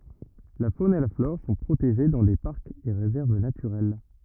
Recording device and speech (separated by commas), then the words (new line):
rigid in-ear microphone, read sentence
La faune et la flore sont protégées dans des parcs et réserves naturels.